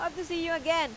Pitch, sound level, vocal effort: 330 Hz, 94 dB SPL, very loud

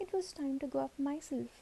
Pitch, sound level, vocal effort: 280 Hz, 73 dB SPL, soft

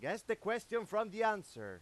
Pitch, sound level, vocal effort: 215 Hz, 101 dB SPL, very loud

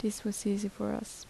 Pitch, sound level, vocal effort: 210 Hz, 73 dB SPL, soft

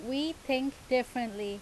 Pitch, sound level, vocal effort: 255 Hz, 87 dB SPL, loud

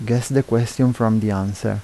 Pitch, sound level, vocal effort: 115 Hz, 79 dB SPL, soft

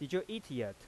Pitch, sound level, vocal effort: 145 Hz, 89 dB SPL, normal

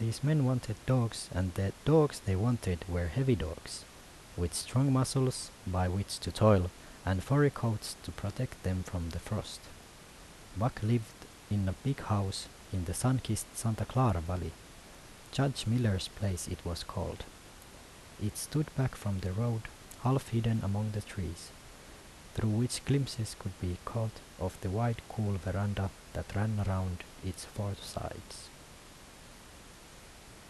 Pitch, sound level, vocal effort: 100 Hz, 75 dB SPL, soft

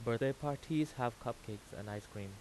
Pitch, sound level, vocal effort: 120 Hz, 86 dB SPL, normal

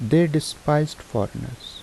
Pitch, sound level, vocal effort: 155 Hz, 78 dB SPL, soft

